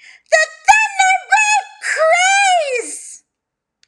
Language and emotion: English, disgusted